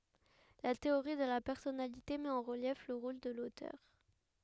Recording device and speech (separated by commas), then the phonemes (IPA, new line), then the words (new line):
headset microphone, read sentence
la teoʁi də la pɛʁsɔnalite mɛt ɑ̃ ʁəljɛf lə ʁol də lotœʁ
La théorie de la personnalité met en relief le rôle de l’auteur.